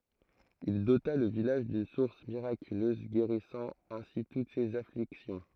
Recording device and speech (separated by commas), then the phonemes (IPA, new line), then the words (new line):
throat microphone, read sentence
il dota lə vilaʒ dyn suʁs miʁakyløz ɡeʁisɑ̃ ɛ̃si tut sez afliksjɔ̃
Il dota le village d’une source miraculeuse guérissant ainsi toutes ces afflictions.